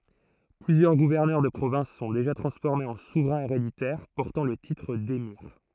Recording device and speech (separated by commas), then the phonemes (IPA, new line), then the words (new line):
throat microphone, read sentence
plyzjœʁ ɡuvɛʁnœʁ də pʁovɛ̃s sɔ̃ deʒa tʁɑ̃sfɔʁmez ɑ̃ suvʁɛ̃z eʁeditɛʁ pɔʁtɑ̃ lə titʁ demiʁ
Plusieurs gouverneurs de provinces sont déjà transformés en souverains héréditaires, portant le titre d'émir.